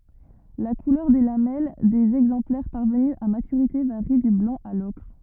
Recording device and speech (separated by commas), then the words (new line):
rigid in-ear microphone, read sentence
La couleur des lamelles des exemplaires parvenus à maturité varie du blanc à l'ocre.